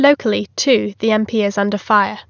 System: none